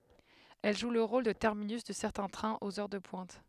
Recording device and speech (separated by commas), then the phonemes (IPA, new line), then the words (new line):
headset microphone, read sentence
ɛl ʒu lə ʁol də tɛʁminys də sɛʁtɛ̃ tʁɛ̃z oz œʁ də pwɛ̃t
Elle joue le rôle de terminus de certains trains aux heures de pointe.